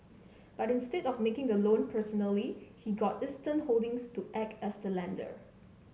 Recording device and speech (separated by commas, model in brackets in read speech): mobile phone (Samsung C7), read sentence